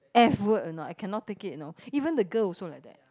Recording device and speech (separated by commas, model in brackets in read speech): close-talking microphone, conversation in the same room